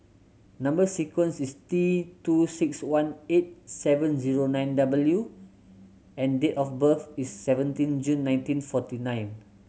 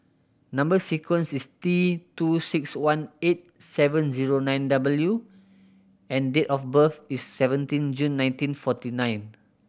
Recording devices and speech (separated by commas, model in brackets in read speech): mobile phone (Samsung C7100), boundary microphone (BM630), read sentence